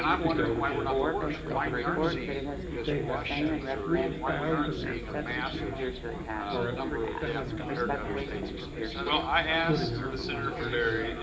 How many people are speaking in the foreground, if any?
No one.